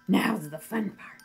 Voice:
Creepy/excited voice